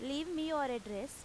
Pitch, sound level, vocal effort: 280 Hz, 90 dB SPL, loud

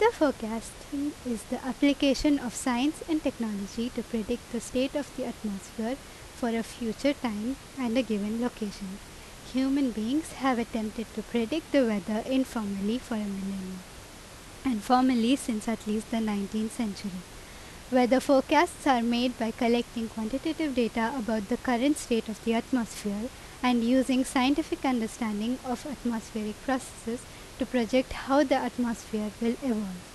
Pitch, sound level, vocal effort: 240 Hz, 83 dB SPL, loud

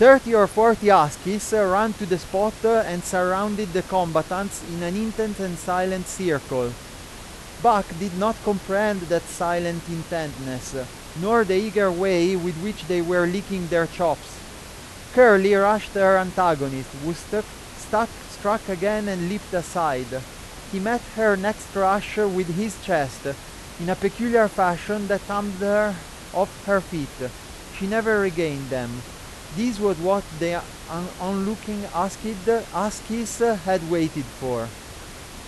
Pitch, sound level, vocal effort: 190 Hz, 94 dB SPL, very loud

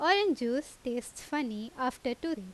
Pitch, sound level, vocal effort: 255 Hz, 86 dB SPL, loud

